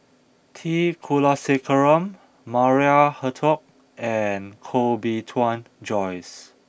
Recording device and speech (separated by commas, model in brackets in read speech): boundary microphone (BM630), read sentence